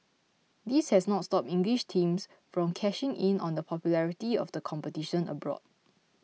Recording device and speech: mobile phone (iPhone 6), read sentence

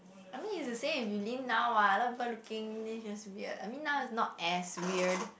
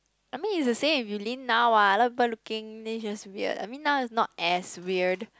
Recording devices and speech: boundary microphone, close-talking microphone, conversation in the same room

